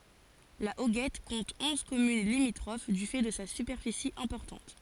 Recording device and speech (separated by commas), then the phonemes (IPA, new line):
forehead accelerometer, read sentence
la oɡɛt kɔ̃t ɔ̃z kɔmyn limitʁof dy fɛ də sa sypɛʁfisi ɛ̃pɔʁtɑ̃t